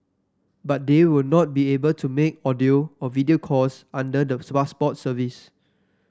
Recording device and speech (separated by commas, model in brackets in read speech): standing microphone (AKG C214), read sentence